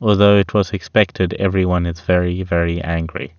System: none